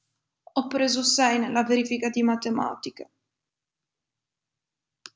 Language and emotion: Italian, sad